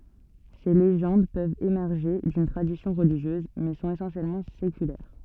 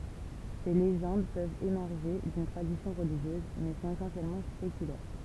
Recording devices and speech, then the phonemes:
soft in-ear microphone, temple vibration pickup, read sentence
se leʒɑ̃d pøvt emɛʁʒe dyn tʁadisjɔ̃ ʁəliʒjøz mɛ sɔ̃t esɑ̃sjɛlmɑ̃ sekylɛʁ

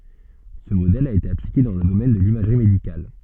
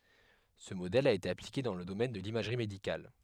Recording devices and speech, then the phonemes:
soft in-ear microphone, headset microphone, read sentence
sə modɛl a ete aplike dɑ̃ lə domɛn də limaʒʁi medikal

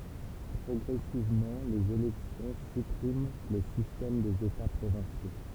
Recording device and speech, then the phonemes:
temple vibration pickup, read sentence
pʁɔɡʁɛsivmɑ̃ lez elɛksjɔ̃ sypʁim lə sistɛm dez eta pʁovɛ̃sjo

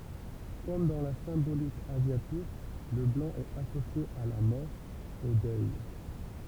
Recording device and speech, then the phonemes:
temple vibration pickup, read sentence
kɔm dɑ̃ la sɛ̃bolik azjatik lə blɑ̃ ɛt asosje a la mɔʁ o dœj

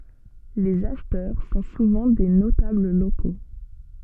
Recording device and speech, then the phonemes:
soft in-ear microphone, read sentence
lez aʃtœʁ sɔ̃ suvɑ̃ de notabl loko

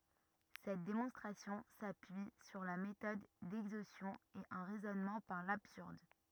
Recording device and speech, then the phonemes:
rigid in-ear microphone, read sentence
sɛt demɔ̃stʁasjɔ̃ sapyi syʁ la metɔd dɛɡzostjɔ̃ e œ̃ ʁɛzɔnmɑ̃ paʁ labsyʁd

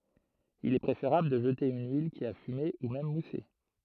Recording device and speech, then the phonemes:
throat microphone, read sentence
il ɛ pʁefeʁabl də ʒəte yn yil ki a fyme u mɛm muse

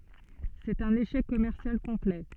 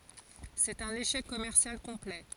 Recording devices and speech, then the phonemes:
soft in-ear microphone, forehead accelerometer, read sentence
sɛt œ̃n eʃɛk kɔmɛʁsjal kɔ̃plɛ

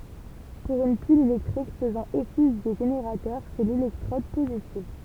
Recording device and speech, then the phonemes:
temple vibration pickup, read sentence
puʁ yn pil elɛktʁik fəzɑ̃ ɔfis də ʒeneʁatœʁ sɛ lelɛktʁɔd pozitiv

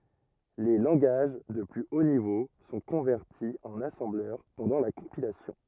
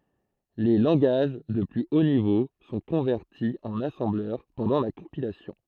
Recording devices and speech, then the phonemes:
rigid in-ear microphone, throat microphone, read sentence
le lɑ̃ɡaʒ də ply o nivo sɔ̃ kɔ̃vɛʁti ɑ̃n asɑ̃blœʁ pɑ̃dɑ̃ la kɔ̃pilasjɔ̃

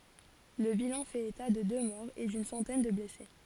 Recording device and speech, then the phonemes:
forehead accelerometer, read sentence
lə bilɑ̃ fɛt eta də dø mɔʁz e dyn sɑ̃tɛn də blɛse

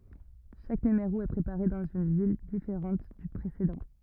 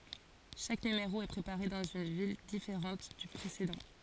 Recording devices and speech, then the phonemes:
rigid in-ear microphone, forehead accelerometer, read sentence
ʃak nymeʁo ɛ pʁepaʁe dɑ̃z yn vil difeʁɑ̃t dy pʁesedɑ̃

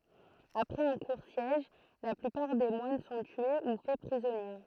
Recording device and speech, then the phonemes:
throat microphone, read sentence
apʁɛz œ̃ kuʁ sjɛʒ la plypaʁ de mwan sɔ̃ tye u fɛ pʁizɔnje

